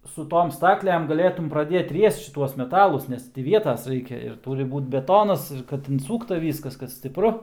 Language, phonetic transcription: Lithuanian, su ˈtom ˈstaklem gaˈlėtum praˈdėt ˈriest šiˈtuos meˈtalus ˈnes ti ˈvietas ˈraikia ir ˈtūri ˈbūt beˈtonas ir kad inˈsūkta ˈvyskas kad stipˈru

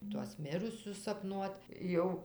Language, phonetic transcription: Lithuanian, tuos ˈmirusius sapˈnuot ˈjau

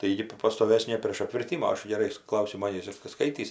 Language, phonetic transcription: Lithuanian, tai ˈji gi p pastoˈvesnė prėš apvirˈtimu o ˈaš geˈrai ˈklausimo neįsiˈskaitįs

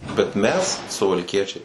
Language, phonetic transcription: Lithuanian, bet ˈmes suvalˈkiečiai

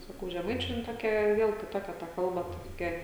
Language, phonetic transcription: Lithuanian, saˈkau žeˈmaičiu jin ˈtokia ˈviel kiˈtokia ta ˈkalba ta toˈkia

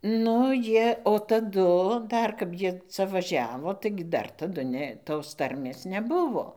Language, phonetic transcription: Lithuanian, ˈnu ˈjie o taˈdu ˈdar kap ˈjie ˈca vaˈžiavo ˈtaigi ˈdar taˈdu ˈne tos ˈtarmės neˈbuvo

